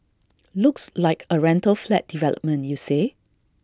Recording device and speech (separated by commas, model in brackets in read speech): standing microphone (AKG C214), read sentence